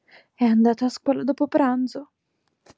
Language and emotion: Italian, fearful